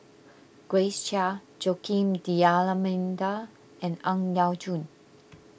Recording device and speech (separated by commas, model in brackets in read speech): boundary microphone (BM630), read sentence